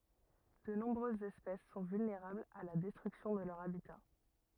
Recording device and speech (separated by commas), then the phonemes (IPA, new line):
rigid in-ear microphone, read sentence
də nɔ̃bʁøzz ɛspɛs sɔ̃ vylneʁablz a la dɛstʁyksjɔ̃ də lœʁ abita